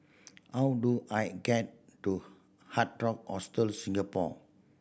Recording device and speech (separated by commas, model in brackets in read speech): boundary microphone (BM630), read sentence